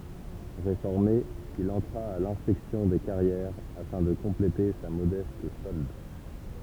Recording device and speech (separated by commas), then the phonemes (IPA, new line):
temple vibration pickup, read sentence
ʁefɔʁme il ɑ̃tʁa a lɛ̃spɛksjɔ̃ de kaʁjɛʁ afɛ̃ də kɔ̃plete sa modɛst sɔld